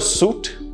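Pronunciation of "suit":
The word 'suite' is pronounced incorrectly here: it is said like 'suit' instead of 'sweet'.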